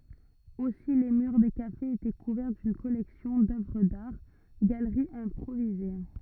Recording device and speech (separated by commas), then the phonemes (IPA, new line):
rigid in-ear microphone, read sentence
osi le myʁ de kafez etɛ kuvɛʁ dyn kɔlɛksjɔ̃ dœvʁ daʁ ɡaləʁiz ɛ̃pʁovize